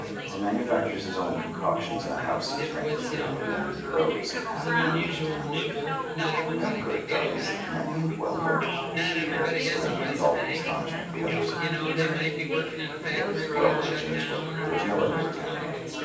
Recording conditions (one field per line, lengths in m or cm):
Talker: one person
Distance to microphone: 9.8 m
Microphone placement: far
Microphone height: 1.8 m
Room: large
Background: babble